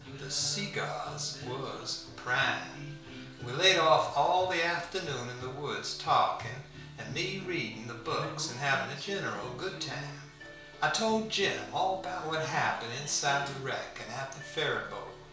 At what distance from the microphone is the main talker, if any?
1.0 m.